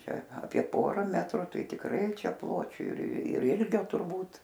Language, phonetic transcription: Lithuanian, ˈčia aˈpie ˈpora ˈmetru ˈtai tikˈrai ˈčia ˈpločiu ir ˈilgio turˈbūt

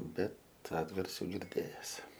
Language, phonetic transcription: Lithuanian, ˈbet ˈatgarsių girˈdėjes

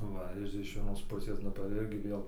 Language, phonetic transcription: Lithuanian, ˈva ir iš vieˈnos ˈpusės ˈnu tai ˈirgi ˈvėl

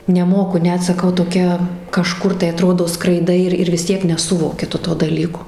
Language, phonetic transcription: Lithuanian, neˈmoku ˈnet saˈkau toˈkia kaˈžkur tai aˈtrodo skraiˈdai ir ir vis ˈtiek neˈsuvoki ˈtu to daˈlyko

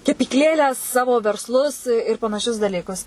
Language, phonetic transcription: Lithuanian, kepykˈlėlę ˈsavo versˈlus ir panaˈšius daˈlykus

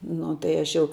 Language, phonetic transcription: Lithuanian, ˈnu tai ˈaš jau

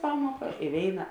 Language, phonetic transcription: Lithuanian, ˈpamuoka i ˈvėina

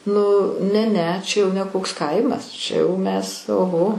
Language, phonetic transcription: Lithuanian, nu ne ˈne ˈčia jau ne ˈkoks ˈkaimas ˈčia jau ˈmes oˈho

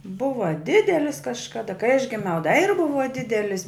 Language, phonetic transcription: Lithuanian, ˈbuva ˈdidelis kažkaˈda kai aš giˈmiau da ir ˈbuva ˈdidelis'

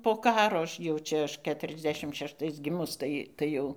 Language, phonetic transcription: Lithuanian, po ˈkaro ˈaš jau ˈčia ˈaš ˌketuriasˈdešim šešˈtais ˈgimus ˈtai ˈtai jau

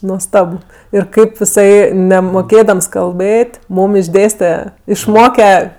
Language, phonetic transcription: Lithuanian, nuosˈtab ˈir ˈkaip iˈsai nemoˈkėdams kalˈbɘt' ˈmūm išˈdėste išˈmoke

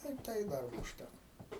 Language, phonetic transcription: Lithuanian, tai i ˈtai ˈdarbo užˈtæko

